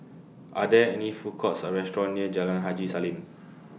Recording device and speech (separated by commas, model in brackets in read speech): mobile phone (iPhone 6), read sentence